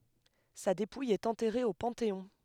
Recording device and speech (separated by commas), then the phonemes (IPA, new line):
headset microphone, read sentence
sa depuj ɛt ɑ̃tɛʁe o pɑ̃teɔ̃